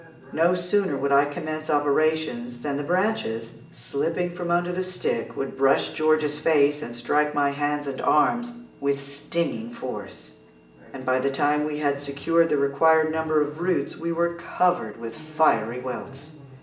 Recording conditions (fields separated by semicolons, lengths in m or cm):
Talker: one person; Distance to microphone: 1.8 m; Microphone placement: close; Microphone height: 1.0 m; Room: large; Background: television